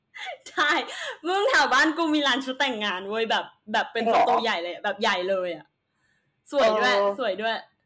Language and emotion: Thai, happy